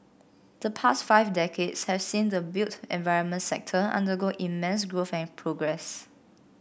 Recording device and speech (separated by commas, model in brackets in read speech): boundary microphone (BM630), read sentence